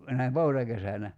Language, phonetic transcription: Finnish, näim "poutakesänä ?
- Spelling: näin poutakesänä

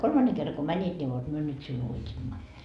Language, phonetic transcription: Finnish, a 'kolmanne kerra ko "mäńit ńi vot 'myö nyt siun 'uit́imma . »
- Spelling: a kolmannen kerran kun menit niin vot me nyt sinun uitimme

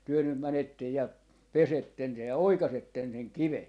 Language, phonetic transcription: Finnish, 'työ nym 'mänettej ja , "pesetten 'se ja "oikasetten 'seŋ "kive » .
- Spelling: te nyt menette ja pesette se ja oikaisette sen kiven

